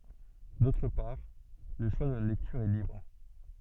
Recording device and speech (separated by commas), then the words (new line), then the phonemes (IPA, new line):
soft in-ear microphone, read sentence
D'autre part, le choix de la lecture est libre.
dotʁ paʁ lə ʃwa də la lɛktyʁ ɛ libʁ